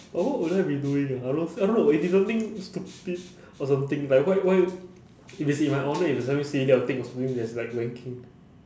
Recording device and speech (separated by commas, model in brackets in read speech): standing microphone, conversation in separate rooms